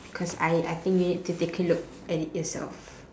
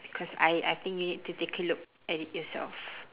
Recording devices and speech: standing microphone, telephone, conversation in separate rooms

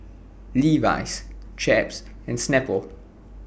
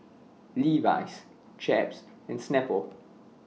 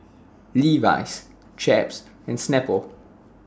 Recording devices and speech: boundary microphone (BM630), mobile phone (iPhone 6), standing microphone (AKG C214), read sentence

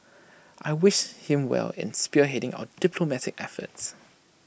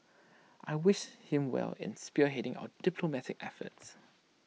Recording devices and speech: boundary microphone (BM630), mobile phone (iPhone 6), read sentence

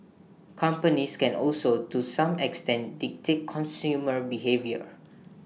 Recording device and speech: mobile phone (iPhone 6), read sentence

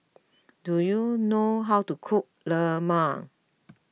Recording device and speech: mobile phone (iPhone 6), read sentence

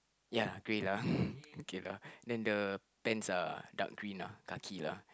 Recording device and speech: close-talking microphone, conversation in the same room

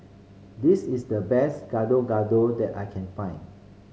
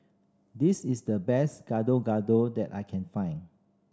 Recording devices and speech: mobile phone (Samsung C5010), standing microphone (AKG C214), read sentence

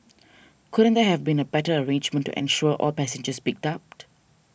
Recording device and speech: boundary microphone (BM630), read sentence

